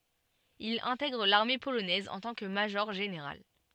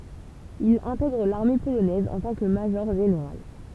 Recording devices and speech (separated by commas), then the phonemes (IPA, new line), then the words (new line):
soft in-ear microphone, temple vibration pickup, read sentence
il ɛ̃tɛɡʁ laʁme polonɛz ɑ̃ tɑ̃ kə maʒɔʁʒeneʁal
Il intègre l'armée polonaise en tant que major-général.